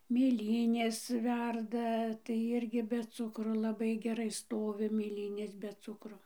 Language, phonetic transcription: Lithuanian, mėˈlynės ˈverda tai ˈirgi be ˈcukro laˈbai geˈrai ˈstovi mėˈlynės be ˈcukro

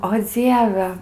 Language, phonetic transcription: Lithuanian, o ˈdzieve

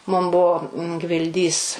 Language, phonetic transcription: Lithuanian, mum ˈbuvo gvilˈdys

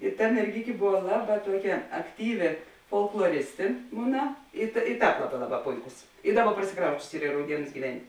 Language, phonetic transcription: Lithuanian, i ˈta merˈgikė ˈbuva ˈlaˌbā ˈtuoˌkia akˈtyvi folkloˈristi ˈmuna i ta i ˈtāp ˈlaˌbā ˈlaˌbā ˈpoiˌkus i ˈdaˌba prasiˈkrausčius ˈyr i rauˈdienus gyˈven'

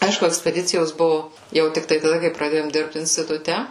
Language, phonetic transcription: Lithuanian, ˈaišku ekspeˈdicijos ˈbuvu ˈjau tikˈtai taˈda kai praˈdėjom ˈdirbt instituˈte

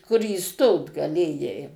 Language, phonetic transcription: Lithuanian, kur įˈstot gaˈlėjai

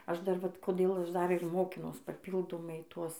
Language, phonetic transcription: Lithuanian, ˈaš dar ˈvat koˈdėl ˈaš ˈdar ir ˈmokinuos paˈpyldomai ˈtuos

